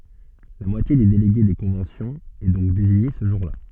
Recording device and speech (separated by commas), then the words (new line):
soft in-ear microphone, read sentence
La moitié des délégués des conventions est donc désignée ce jour-là.